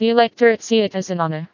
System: TTS, vocoder